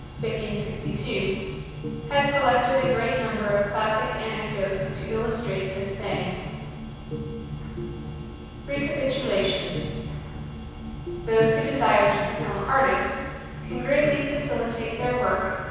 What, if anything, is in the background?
Music.